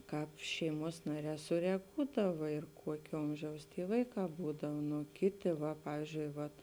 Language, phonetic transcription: Lithuanian, ˈkāp ˈšeiˌmuos ˈnaˌrē sureˈgūdava ir ˈkuokė ˈomžiaus ˈty ˈvaiˌkā ˈbūdav ˈnu ˈkiˌti va ˈpavyzdžiui vat

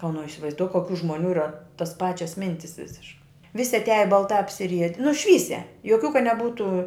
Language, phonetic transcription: Lithuanian, o nu isivaizˈduok koˈkių žmoˈnių ˈyra tos ˈpačias ˈmintis ˈvisiškai ˈvisi atˈiaja balˈtā apsiˈriedi nu ˈšvysia joˈkių ka neˈbūtu

